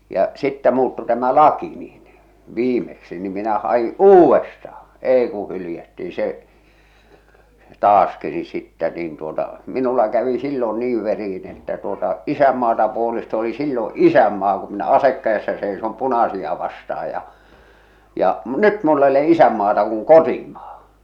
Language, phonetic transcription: Finnish, ja , 'sittä muuttu tämä "laki niin , 'viimeksi , nim minä ha₍i "uuwestahᴀ , 'èi ku 'hylⁱjätti "se , "taaski ni sittɛ niin tuota , 'minulla kävi sillo "niiv veri₍in ‿että tuota , "isämmaata puolest ‿oli "sillo "'isämmaa ku minä "asek kä₍essä seisom "punasia 'vasta₍aj ja , ja , m- "nyt mull ‿e ole’ "’isämmaata kuŋ "kotimᴀᴀ .
- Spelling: ja sitten muuttui tämä laki niin viimeksi niin minä hain uudestaan ei kuin hylättiin se taaskin niin sitten niin tuota minulla kävi silloin niin veriin että tuota isänmaata puolesta oli silloin isänmaan kun minä ase kädessä seison punaisia vastaan ja ja - nyt minulla ei ole isänmaata kun kotimaa

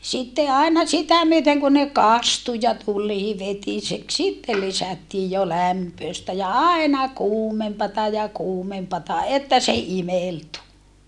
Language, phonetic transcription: Finnish, sitte aina sitä myöteŋ kun ne kastu ja tul̆lii vetisek sitte lisättii jo lämpööstä ja aena kuumempata ja kuumempata että se imeltu .
- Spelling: sitten aina sitä myöten kuin ne kastui ja tulee vetiseksi sitten lisättiin jo lämpöistä ja aina kuumempaa ja kuumempaa että se imeltyi

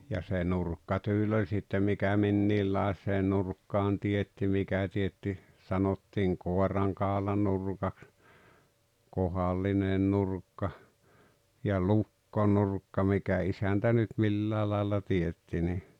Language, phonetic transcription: Finnish, ja se "nurkkatyĺ oĺ sittem 'mikä "minniillàes̀ee 'nurkkaan 'tietti 'mikä tietti , sanottiiŋ "kòeraŋkàolanurkaks , "kohal̆line 'nurkka , ja "lukkonurkka 'mikä isäntä nyt 'millää làella 'tietti ni ,.
- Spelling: ja se nurkkatyyli oli sitten mikä minkinlaiseen nurkkaan teetti mikä teetti sanottiin koirankaulanurkaksi kohdallinen nurkka ja lukkonurkka mikä isäntä nyt milläkin lailla teetti niin

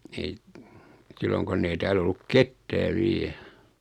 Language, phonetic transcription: Finnish, ei , 'silloŋ konn ‿ei 'tääl ‿olluk "kettää 'viɛ .
- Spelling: ei silloin kun ei täällä ollut ketään vielä

